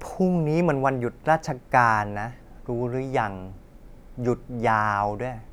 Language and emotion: Thai, frustrated